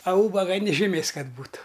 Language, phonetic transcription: Lithuanian, a ˈūbaga ni žiˈmės ˈkad ˈbūtu

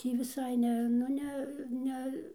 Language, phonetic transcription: Lithuanian, ˈtį viˈsai ˈne nu ˈne ˈne

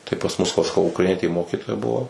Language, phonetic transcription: Lithuanian, tai pas mus va saˈkau ukraiˈnietėˈmokytoja ˈbuvo

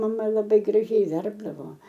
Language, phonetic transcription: Lithuanian, maˈma laˈbai graˈžiai ˈverpdavo

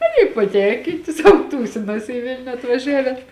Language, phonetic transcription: Lithuanian, ˈaˌny paˈtenkyti sauˈtūsinas i ˈvilniu atvaˈžiaven

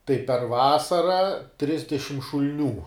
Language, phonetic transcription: Lithuanian, tai per ˈvasara ˈtrisdešim šul'ˈnių

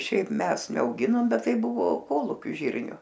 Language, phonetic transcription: Lithuanian, ˈšiaip ˈmes neauˈginom ˈbet ˈtai ˈbuvo ˈkolūkiu ˈžyrniu

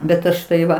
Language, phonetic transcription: Lithuanian, bet ˈaš tai ˈva

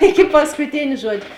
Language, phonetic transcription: Lithuanian, ˈiki paskuˈtėn' ˈžuodžiu

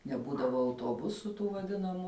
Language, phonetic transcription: Lithuanian, neˈbūdavo autuoˈbusų tų vaˈdinamų

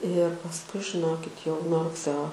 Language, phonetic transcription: Lithuanian, ir pasˈkui žiˈnokit jau nuo rugˈseo

